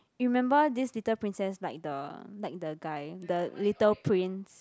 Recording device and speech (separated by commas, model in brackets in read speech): close-talking microphone, conversation in the same room